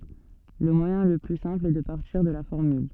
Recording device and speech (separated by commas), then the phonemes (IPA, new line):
soft in-ear microphone, read sentence
lə mwajɛ̃ lə ply sɛ̃pl ɛ də paʁtiʁ də la fɔʁmyl